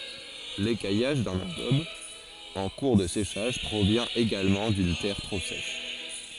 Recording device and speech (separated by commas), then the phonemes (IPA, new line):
forehead accelerometer, read sentence
lekajaʒ dœ̃n ɑ̃ɡɔb ɑ̃ kuʁ də seʃaʒ pʁovjɛ̃ eɡalmɑ̃ dyn tɛʁ tʁo sɛʃ